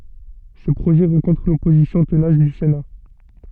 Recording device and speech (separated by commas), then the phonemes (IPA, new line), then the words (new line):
soft in-ear microphone, read sentence
se pʁoʒɛ ʁɑ̃kɔ̃tʁ lɔpozisjɔ̃ tənas dy sena
Ces projets rencontrent l’opposition tenace du Sénat.